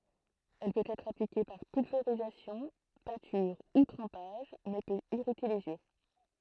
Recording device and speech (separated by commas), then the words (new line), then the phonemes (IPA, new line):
throat microphone, read sentence
Elle peut être appliquée par pulvérisation, peinture ou trempage mais peut irriter les yeux.
ɛl pøt ɛtʁ aplike paʁ pylveʁizasjɔ̃ pɛ̃tyʁ u tʁɑ̃paʒ mɛ pøt iʁite lez jø